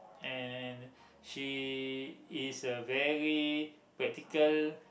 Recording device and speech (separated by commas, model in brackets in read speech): boundary microphone, conversation in the same room